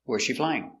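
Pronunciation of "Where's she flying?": In 'Where's she flying?', the intonation goes down at the end.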